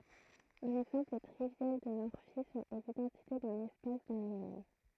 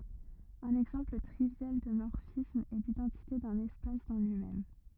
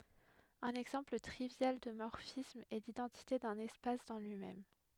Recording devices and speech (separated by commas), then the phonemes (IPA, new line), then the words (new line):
throat microphone, rigid in-ear microphone, headset microphone, read sentence
œ̃n ɛɡzɑ̃pl tʁivjal də mɔʁfism ɛ lidɑ̃tite dœ̃n ɛspas dɑ̃ lyi mɛm
Un exemple trivial de morphisme est l'identité d'un espace dans lui-même.